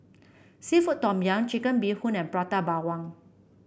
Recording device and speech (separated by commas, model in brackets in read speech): boundary microphone (BM630), read sentence